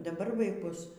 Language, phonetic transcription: Lithuanian, daˈbar vaiˈkus

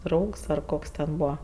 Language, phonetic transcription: Lithuanian, ˈdraugs ar ˈkoks ten ˈbūva

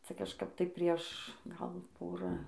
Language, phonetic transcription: Lithuanian, ˈca kažˈkap tai ˈprieš ˈgal ˈpora

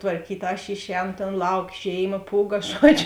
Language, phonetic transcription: Lithuanian, tvarˈkyt' aš ˈišˌēno tėn ˈlauk ˈžėiˌma ˈpūˌga ˈžuodžiu

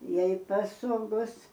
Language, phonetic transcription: Lithuanian, ˈjei paˈsogos

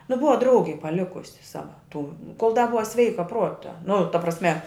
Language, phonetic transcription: Lithuanian, nu ˈbuva ˈdraugei paˈlikusi ˈsava tų kol da ˈbuva ˈsveika ˈpruota nu ta prasˈme

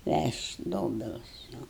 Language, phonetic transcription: Lithuanian, ˈvæšt' ˈdobilus jau

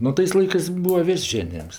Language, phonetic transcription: Lithuanian, nu ˈtais ˈlaikɜs ˈbūva ˈvės' ˈženijems

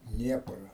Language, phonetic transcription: Lithuanian, ˈdniepra

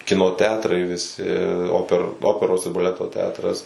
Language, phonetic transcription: Lithuanian, ˈkino ˈteatrai viˈsi ˈoper ˈoperos ir baˈleto ˈteatras

